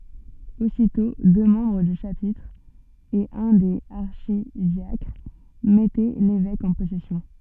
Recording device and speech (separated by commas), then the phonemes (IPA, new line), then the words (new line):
soft in-ear microphone, read sentence
ositɔ̃ dø mɑ̃bʁ dy ʃapitʁ e œ̃ dez aʁʃidjakʁ mɛtɛ levɛk ɑ̃ pɔsɛsjɔ̃
Aussitôt, deux membres du chapitre et un des archidiacres mettaient l’évêque en possession.